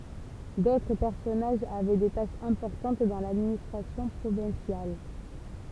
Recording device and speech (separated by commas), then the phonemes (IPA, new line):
temple vibration pickup, read sentence
dotʁ pɛʁsɔnaʒz avɛ de taʃz ɛ̃pɔʁtɑ̃t dɑ̃ ladministʁasjɔ̃ pʁovɛ̃sjal